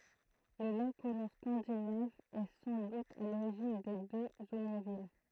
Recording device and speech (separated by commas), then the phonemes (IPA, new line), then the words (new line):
throat microphone, read sentence
lə mɛm kolɔ̃ skɑ̃dinav ɛ sɑ̃ dut a loʁiʒin de døz omɔ̃vil
Le même colon scandinave est sans doute à l'origine des deux Omonville.